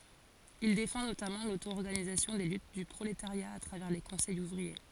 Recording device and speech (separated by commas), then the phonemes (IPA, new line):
forehead accelerometer, read sentence
il defɑ̃ notamɑ̃ lotoɔʁɡanizasjɔ̃ de lyt dy pʁoletaʁja a tʁavɛʁ le kɔ̃sɛjz uvʁie